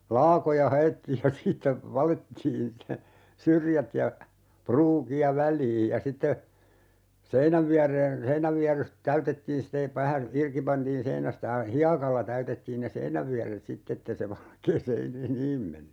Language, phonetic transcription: Finnish, "laakoja 'haʲettiij ja 'siittä , 'valettiin (se) , "syrjät ja , 'pruuki₍a "väl̀iij ja 'sitte , 'seinäv viär̆reen , 'seiǹävviar̆rus 'täytettiin sⁱte , vähä , 'irki 'pantiin "seinästä (ja) , "hiakalla 'täytettiin ne "sein̆nävviär̀et 'sitt ‿ettei se 'valkee "seinii- , "-niim menny .
- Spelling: laakoja haettiin ja siitä valettiin se syrjät ja pruukia väliin ja sitten seinän viereen seinänvierus täytettiin sitten vähän irti pantiin seinästä ja hiekalla täytettiin ne seinänvieret sitten että ei se valkea - seiniin mennyt

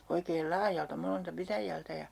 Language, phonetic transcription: Finnish, oikeel "laajalta 'monelta 'pitäjältä ja ,.
- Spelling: oikein laajalta monelta pitäjältä ja

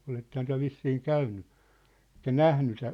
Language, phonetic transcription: Finnish, 'olettehan tyä̭ 'vissiiŋ "käynny , ᵉk̀ä "nähny seʿⁿ̬ʾ .
- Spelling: olettehan te vissiin käynyt ehkä nähnyt sen

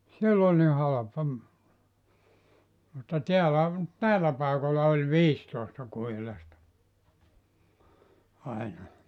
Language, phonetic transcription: Finnish, siell ‿oĺ ni 'halapa , mutta 'tiälä , "näil̆lä pàekol̆la oĺ "viistòesta 'kuhilasta , 'aina .
- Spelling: siellä oli niin halpa mutta täällä näillä paikoilla oli viisitoista kuhilasta aina

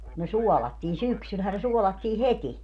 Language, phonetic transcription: Finnish, ku ne "suɔlattiin "syksylhää ne 'suɔlattii "heti .
- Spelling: kun ne suolattiin syksyllähän ne suolattiin heti

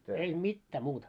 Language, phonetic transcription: Finnish, ei "mittää muuta .
- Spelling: ei mitään muuta

